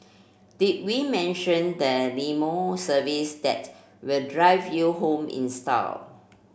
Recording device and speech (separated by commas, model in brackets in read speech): boundary microphone (BM630), read sentence